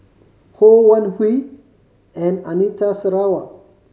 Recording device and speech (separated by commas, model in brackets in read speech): mobile phone (Samsung C5010), read sentence